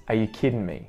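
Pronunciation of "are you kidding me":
In 'kidding', the ending is not said as 'ing'. It is said as 'un', so it sounds like 'kiddun'.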